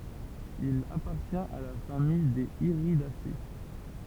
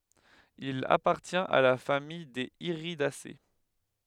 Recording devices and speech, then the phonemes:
temple vibration pickup, headset microphone, read sentence
il apaʁtjɛ̃t a la famij dez iʁidase

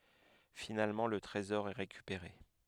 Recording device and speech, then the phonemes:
headset microphone, read sentence
finalmɑ̃ lə tʁezɔʁ ɛ ʁekypeʁe

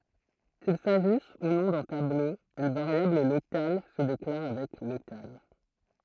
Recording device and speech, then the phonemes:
throat microphone, read sentence
kil saʒis u nɔ̃ dœ̃ tablo yn vaʁjabl lokal sə deklaʁ avɛk lokal

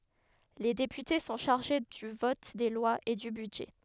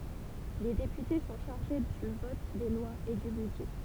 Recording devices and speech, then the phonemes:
headset microphone, temple vibration pickup, read sentence
le depyte sɔ̃ ʃaʁʒe dy vɔt de lwaz e dy bydʒɛ

